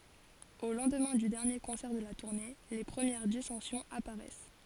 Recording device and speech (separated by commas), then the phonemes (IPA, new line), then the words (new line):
forehead accelerometer, read sentence
o lɑ̃dmɛ̃ dy dɛʁnje kɔ̃sɛʁ də la tuʁne le pʁəmjɛʁ disɑ̃sjɔ̃z apaʁɛs
Au lendemain du dernier concert de la tournée, les premières dissensions apparaissent.